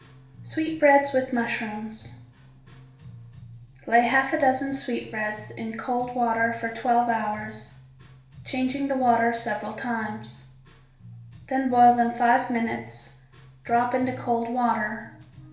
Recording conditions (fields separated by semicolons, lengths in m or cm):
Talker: one person; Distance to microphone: 1.0 m; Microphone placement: close; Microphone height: 1.1 m; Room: small (3.7 m by 2.7 m); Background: music